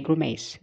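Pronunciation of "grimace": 'Grimace' is stressed on the second syllable, 'mace'. This is the typically American pronunciation.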